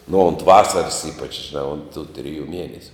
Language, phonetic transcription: Lithuanian, nu unt ˈvasaras ˈypač žiˈnā unt tu triˈjų ˈmienesiu

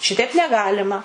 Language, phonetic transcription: Lithuanian, ˈšiteip neˈgalima

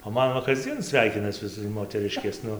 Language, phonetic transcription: Lithuanian, o ˈman va kasˈdzien ˈsveikinas ˈvis moteˈriškės ˈnu

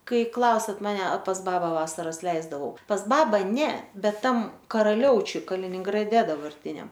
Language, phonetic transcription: Lithuanian, ˈkai ˈklausiat maˈne pas ˈbaba ˈvasaras ˈleisdavau pas ˈbabą ˈne ˈbet ˈtam karaˈliaučiuj kaliningraˈde dabarˈtiniam

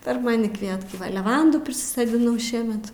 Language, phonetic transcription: Lithuanian, per ˈmani ˈkvietkai leˈvandų prisisodiˈnau ˈšiemet

